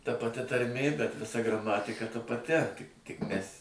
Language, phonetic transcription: Lithuanian, ta paˈti tarˈmė bet viˈsa graˈmatika ta paˈti tik ˈmæs'

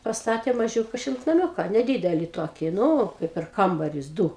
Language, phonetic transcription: Lithuanian, pasˈtatė maˈžiūka šiltnaˈmiūka neˈdydeli ˈtoki ˈnu kai per ˈkambarius ˈdū

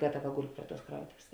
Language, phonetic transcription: Lithuanian, ˈgataˌva ˈgul' ˈpri ˌtuos ˈkrautovės

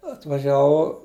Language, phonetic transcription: Lithuanian, atvaˈžiavau

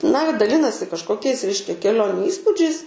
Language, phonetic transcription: Lithuanian, na daˈlinasi kažkoˈkiais ˈreiškia keˈlioniu ˈįspūdžiais

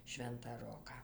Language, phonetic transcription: Lithuanian, ˈšventą ˈroką

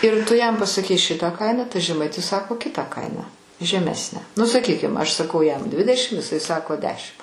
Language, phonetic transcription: Lithuanian, ir ˈtu jam pasaˈkei ˈšitą ˈkainą tai žeˈmaitis ˈsako ˈkitą ˈkainą žeˈmesnę nu saˈkykim aš saˈkau jam ˈdvidešim iˈsai ˈsako ˈdešimt

